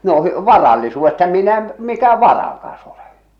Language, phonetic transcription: Finnish, no ʰʸ- "varallisuuvvesta 'minä m- , 'mikä "varakas ‿olᴇ !
- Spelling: no - varallisuudesta minä - mikä varakas ole

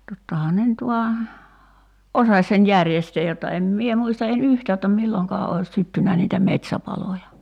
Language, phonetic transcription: Finnish, 'tottahaa ne nyt vua , "’osaś sen 'järjestee jotta 'em 'mie 'muista en "yhtää jotta 'milloŋkaa ois 'syttynä niitä "met̳s̳§äpaloja .
- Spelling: tottahan ne nyt vain osasi sen järjestää jotta en minä muista en yhtään jotta milloinkaan olisi syttynyt niitä metsäpaloja

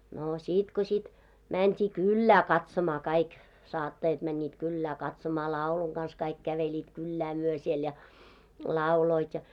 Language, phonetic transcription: Finnish, no 'sìt ko śit , 'mänt́ii "kyllää katsomaa 'kaik , 'saattajat mäńńiit 'kyllää katsomaa , 'làuluŋ ɢans 'kaik 'käveĺiit 'kyllä myö siel ja , "làuloit ja .
- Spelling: no sitten kun sitten mentiin kylään katsomaan kaikki saattajat menivät kylään katsomaan laulun kanssa kaikki kävelivät kyllä me siellä ja lauloivat ja

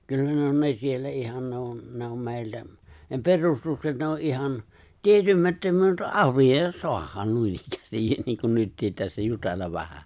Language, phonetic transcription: Finnish, 'kyllä ne on 'ne siellä '’ihan ne on , 'ne om 'mèiltä , ne 'perustukset ne o’ '’ihan , 'tietymätt(ä mut) '’arvijòijjas 'soahaan 'nuinikkäästin niiŋkun 'nyttiit tässä 'jutellav vähä .
- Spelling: kyllä ne on ne siellä ihan ne on ne on meiltä ne perustukset ne on ihan tietämättä mutta arvioida saadaan noinikään niin kuin nytkin tässä jutella vähän

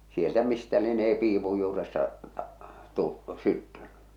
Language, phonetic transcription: Finnish, sieltä 'mistä lienee 'piipuj juuresta , tu- , 'syttyn̆ny .
- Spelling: sieltä mistä lienee piipun juuresta - syttynyt

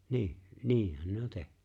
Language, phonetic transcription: Finnish, ni̬i̬ , "ni̬i̬hän ne on 'teh(ɴʏ) .
- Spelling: niin niinhän ne on tehnyt

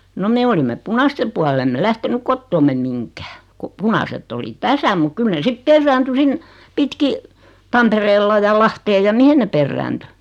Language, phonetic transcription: Finnish, no 'me olimme "punaste pua'l ‿emme "lähtenyk "kottoommem 'miŋkää , ko 'punasett ‿oli "täsä muk 'kyl ne 'sip "perrääntyy 'sin , 'pitki , "Tampereella ja "Lahteej ja "mihen ne 'perrääntyy .
- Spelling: no me olimme punaisten puoli emme lähtenyt kotoamme mihinkään kun punaiset oli tässä mutta kyllä ne sitten perääntyi sinne pitkin Tampereella ja Lahteen ja mihin ne perääntyi

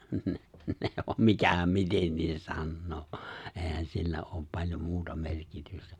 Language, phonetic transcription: Finnish, 'ne , ne om 'mikähäm 'mitennin 'sannoo , 'ehän 'sillä oop paĺjom 'muuta 'merkitystä .
- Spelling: ne ne on mikähän miten sanoo eihän sillä ole paljon muuta merkitystä

